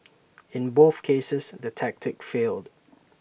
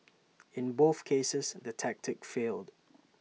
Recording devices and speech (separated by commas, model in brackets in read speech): boundary microphone (BM630), mobile phone (iPhone 6), read sentence